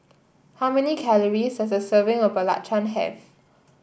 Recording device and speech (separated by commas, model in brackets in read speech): boundary microphone (BM630), read sentence